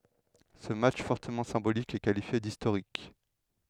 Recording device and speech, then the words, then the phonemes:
headset microphone, read sentence
Ce match fortement symbolique est qualifié d'historique.
sə matʃ fɔʁtəmɑ̃ sɛ̃bolik ɛ kalifje distoʁik

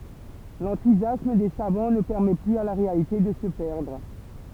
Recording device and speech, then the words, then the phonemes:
temple vibration pickup, read sentence
L'enthousiasme des savants ne permet plus à la réalité de se perdre.
lɑ̃tuzjasm de savɑ̃ nə pɛʁmɛ plyz a la ʁealite də sə pɛʁdʁ

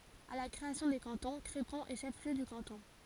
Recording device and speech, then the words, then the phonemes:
forehead accelerometer, read sentence
À la création des cantons, Crépon est chef-lieu de canton.
a la kʁeasjɔ̃ de kɑ̃tɔ̃ kʁepɔ̃ ɛ ʃɛf ljø də kɑ̃tɔ̃

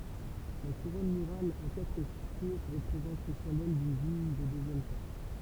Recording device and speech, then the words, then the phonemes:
temple vibration pickup, read sentence
La couronne murale à quatre tours représente le symbole d'une ville de deuxième classe.
la kuʁɔn myʁal a katʁ tuʁ ʁəpʁezɑ̃t lə sɛ̃bɔl dyn vil də døzjɛm klas

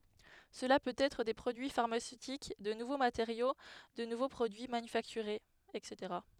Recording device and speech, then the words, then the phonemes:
headset microphone, read sentence
Cela peut être des produits pharmaceutiques, de nouveaux matériaux, de nouveaux produits manufacturés etc.
səla pøt ɛtʁ de pʁodyi faʁmasøtik də nuvo mateʁjo də nuvo pʁodyi manyfaktyʁez ɛtseteʁa

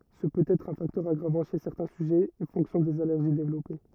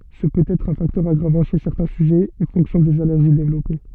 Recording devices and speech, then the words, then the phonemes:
rigid in-ear microphone, soft in-ear microphone, read sentence
Ce peut être un facteur aggravant chez certains sujets et fonction des allergies développées.
sə pøt ɛtʁ œ̃ faktœʁ aɡʁavɑ̃ ʃe sɛʁtɛ̃ syʒɛz e fɔ̃ksjɔ̃ dez alɛʁʒi devlɔpe

